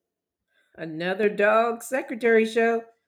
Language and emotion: English, surprised